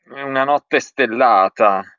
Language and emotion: Italian, disgusted